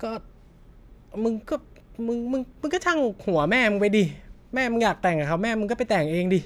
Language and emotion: Thai, frustrated